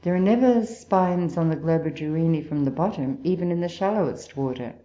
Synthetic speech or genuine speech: genuine